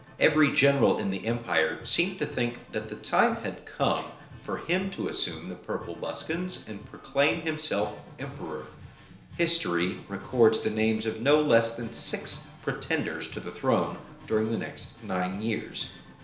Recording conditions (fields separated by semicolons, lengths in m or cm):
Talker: one person; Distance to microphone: 1.0 m; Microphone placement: close; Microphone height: 1.1 m; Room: small (3.7 m by 2.7 m); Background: music